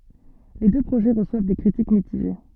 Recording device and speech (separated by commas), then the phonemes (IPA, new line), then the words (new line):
soft in-ear microphone, read sentence
le dø pʁoʒɛ ʁəswav de kʁitik mitiʒe
Les deux projets reçoivent des critiques mitigées.